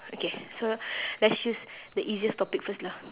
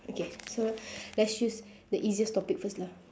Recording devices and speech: telephone, standing microphone, conversation in separate rooms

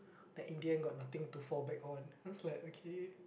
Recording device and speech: boundary microphone, conversation in the same room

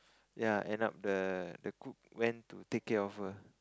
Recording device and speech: close-talking microphone, conversation in the same room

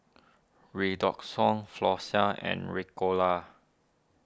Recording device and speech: standing microphone (AKG C214), read sentence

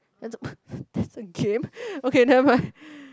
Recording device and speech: close-talking microphone, conversation in the same room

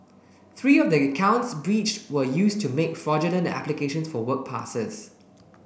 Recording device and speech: boundary microphone (BM630), read sentence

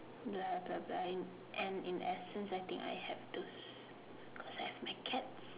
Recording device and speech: telephone, conversation in separate rooms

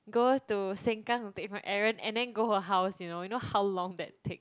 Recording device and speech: close-talking microphone, conversation in the same room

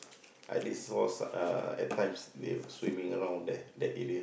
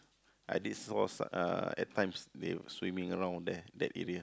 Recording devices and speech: boundary microphone, close-talking microphone, conversation in the same room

